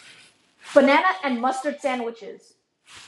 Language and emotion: English, angry